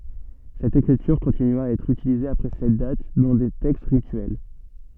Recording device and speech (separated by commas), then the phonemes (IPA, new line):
soft in-ear microphone, read sentence
sɛt ekʁityʁ kɔ̃tinya a ɛtʁ ytilize apʁɛ sɛt dat dɑ̃ de tɛkst ʁityɛl